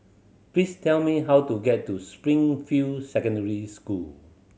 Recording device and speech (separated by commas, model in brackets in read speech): mobile phone (Samsung C7100), read sentence